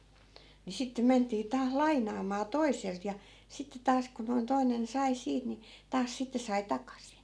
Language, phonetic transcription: Finnish, ni 'sittem̆ 'ment̆tii taas "laiǹaamaa 'toiselt ja , 'sitte 'taas ku noi̮n 'toi̮nen 'sai 'siit ni , 'taas sitte sai 'takasin .
- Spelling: niin sitten mentiin taas lainaamaan toiselta ja sitten taas kun noin toinen sai siitä niin taas sitten sai takaisin

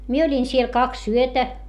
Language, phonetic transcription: Finnish, mie oĺin siel kaks yötä .
- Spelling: minä olin siellä kaksi yötä

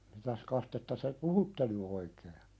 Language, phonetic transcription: Finnish, 'mitäs kastetta te "puhutte ny oikee ?
- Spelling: mitäs kastetta te puhutte nyt oikein

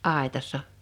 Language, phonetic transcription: Finnish, '’àḙtassa .
- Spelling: aitassa

